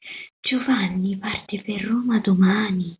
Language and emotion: Italian, surprised